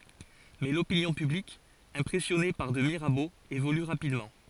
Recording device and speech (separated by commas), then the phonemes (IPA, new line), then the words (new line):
forehead accelerometer, read sentence
mɛ lopinjɔ̃ pyblik ɛ̃pʁɛsjɔne paʁ də miʁabo evoly ʁapidmɑ̃
Mais l'opinion publique impressionnée par de Mirabeau évolue rapidement.